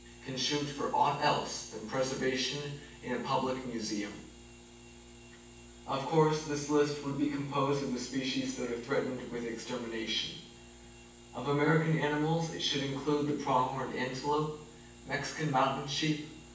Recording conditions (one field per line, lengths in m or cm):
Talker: one person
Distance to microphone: 9.8 m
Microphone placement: far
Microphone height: 1.8 m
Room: large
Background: none